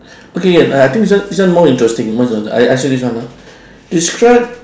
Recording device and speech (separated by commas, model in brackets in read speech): standing microphone, conversation in separate rooms